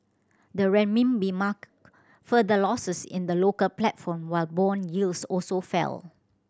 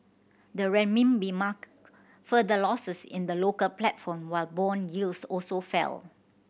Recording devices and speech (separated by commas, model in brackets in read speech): standing microphone (AKG C214), boundary microphone (BM630), read sentence